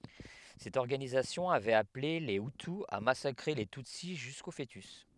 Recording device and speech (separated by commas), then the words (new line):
headset microphone, read sentence
Cette organisation avait appelée les hutu à massacrer les tutsi jusqu'aux fœtus.